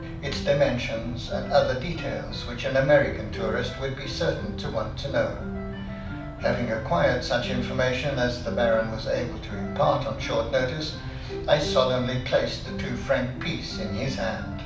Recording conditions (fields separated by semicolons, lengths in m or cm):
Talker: one person; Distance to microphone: 5.8 m; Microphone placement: far; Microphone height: 1.8 m; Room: medium-sized (5.7 m by 4.0 m); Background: music